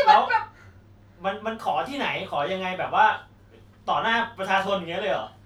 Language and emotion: Thai, frustrated